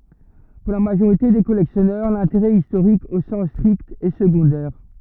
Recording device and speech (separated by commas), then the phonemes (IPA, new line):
rigid in-ear microphone, read sentence
puʁ la maʒoʁite de kɔlɛksjɔnœʁ lɛ̃teʁɛ istoʁik o sɑ̃s stʁikt ɛ səɡɔ̃dɛʁ